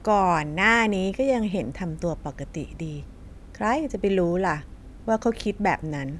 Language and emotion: Thai, frustrated